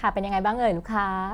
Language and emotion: Thai, happy